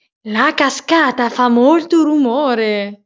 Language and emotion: Italian, surprised